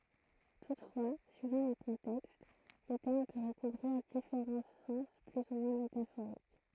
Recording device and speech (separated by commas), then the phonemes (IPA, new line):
throat microphone, read sentence
tutfwa syivɑ̃ le kɔ̃tɛkst lə tɛʁm pø ʁəkuvʁiʁ difeʁɑ̃ sɑ̃s ply u mwɛ̃ metafoʁik